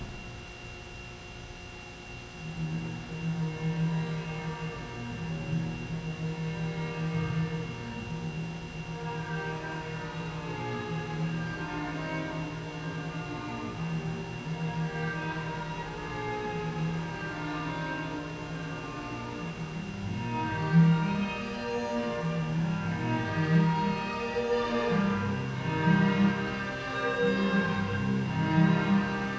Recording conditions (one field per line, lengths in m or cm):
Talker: no one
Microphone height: 1.0 m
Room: very reverberant, large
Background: music